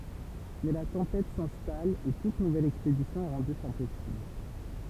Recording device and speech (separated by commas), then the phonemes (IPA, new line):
temple vibration pickup, read sentence
mɛ la tɑ̃pɛt sɛ̃stal e tut nuvɛl ɛkspedisjɔ̃ ɛ ʁɑ̃dy ɛ̃pɔsibl